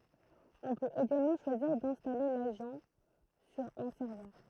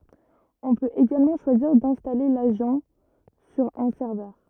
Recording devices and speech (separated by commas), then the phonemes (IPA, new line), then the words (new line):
throat microphone, rigid in-ear microphone, read sentence
ɔ̃ pøt eɡalmɑ̃ ʃwaziʁ dɛ̃stale laʒɑ̃ syʁ œ̃ sɛʁvœʁ
On peut également choisir d'installer l'agent sur un serveur.